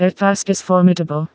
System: TTS, vocoder